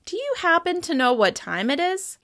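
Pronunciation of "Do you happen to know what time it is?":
'Do you happen to know what time it is?' is said with tentative intonation, signalling that the speaker is asking a favor or interrupting.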